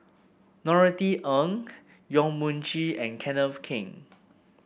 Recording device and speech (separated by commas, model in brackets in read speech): boundary microphone (BM630), read sentence